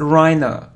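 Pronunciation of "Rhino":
'Rhino' is pronounced correctly here.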